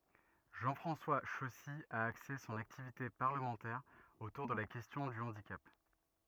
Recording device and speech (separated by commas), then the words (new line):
rigid in-ear microphone, read sentence
Jean-François Chossy a axé son activité parlementaire autour de la question du handicap.